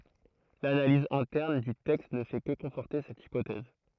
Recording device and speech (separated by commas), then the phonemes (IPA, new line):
throat microphone, read sentence
lanaliz ɛ̃tɛʁn dy tɛkst nə fɛ kə kɔ̃fɔʁte sɛt ipotɛz